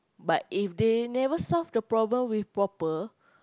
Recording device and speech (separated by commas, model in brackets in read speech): close-talking microphone, conversation in the same room